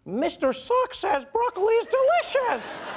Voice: high-pitched